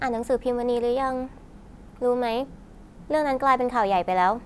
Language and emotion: Thai, neutral